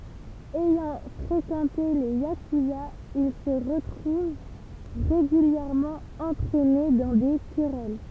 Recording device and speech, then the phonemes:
temple vibration pickup, read sentence
ɛjɑ̃ fʁekɑ̃te le jakyzaz il sə ʁətʁuv ʁeɡyljɛʁmɑ̃ ɑ̃tʁɛne dɑ̃ de kʁɛl

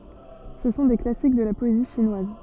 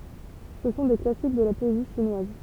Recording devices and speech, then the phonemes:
soft in-ear microphone, temple vibration pickup, read sentence
sə sɔ̃ de klasik də la pɔezi ʃinwaz

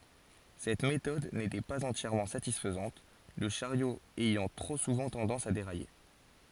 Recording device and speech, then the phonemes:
forehead accelerometer, read sentence
sɛt metɔd netɛ paz ɑ̃tjɛʁmɑ̃ satisfəzɑ̃t lə ʃaʁjo ɛjɑ̃ tʁo suvɑ̃ tɑ̃dɑ̃s a deʁaje

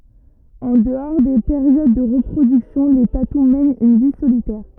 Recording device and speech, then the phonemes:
rigid in-ear microphone, read sentence
ɑ̃ dəɔʁ de peʁjod də ʁəpʁodyksjɔ̃ le tatu mɛnt yn vi solitɛʁ

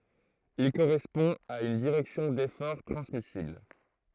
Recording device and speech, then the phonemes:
throat microphone, read sentence
il koʁɛspɔ̃ a yn diʁɛksjɔ̃ defɔʁ tʁɑ̃smisibl

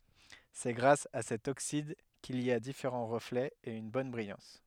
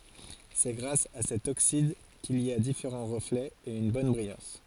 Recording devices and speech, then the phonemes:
headset microphone, forehead accelerometer, read sentence
sɛ ɡʁas a sɛt oksid kil i a difeʁɑ̃ ʁəflɛz e yn bɔn bʁijɑ̃s

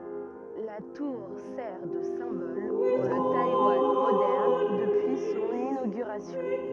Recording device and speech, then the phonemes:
rigid in-ear microphone, read sentence
la tuʁ sɛʁ də sɛ̃bɔl puʁ lə tajwan modɛʁn dəpyi sɔ̃n inoɡyʁasjɔ̃

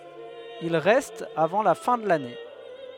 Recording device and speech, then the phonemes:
headset microphone, read sentence
il ʁɛst avɑ̃ la fɛ̃ də lane

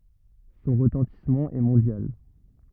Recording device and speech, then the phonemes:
rigid in-ear microphone, read sentence
sɔ̃ ʁətɑ̃tismɑ̃ ɛ mɔ̃djal

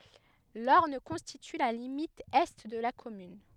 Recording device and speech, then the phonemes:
headset microphone, read sentence
lɔʁn kɔ̃stity la limit ɛ də la kɔmyn

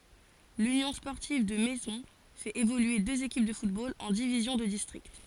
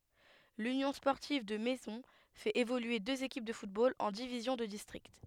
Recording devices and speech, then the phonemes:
forehead accelerometer, headset microphone, read sentence
lynjɔ̃ spɔʁtiv də mɛzɔ̃ fɛt evolye døz ekip də futbol ɑ̃ divizjɔ̃ də distʁikt

